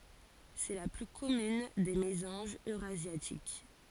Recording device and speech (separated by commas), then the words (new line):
forehead accelerometer, read sentence
C'est la plus commune des mésanges eurasiatiques.